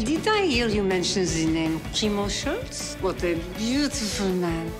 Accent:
French accent